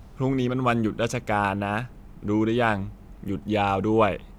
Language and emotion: Thai, neutral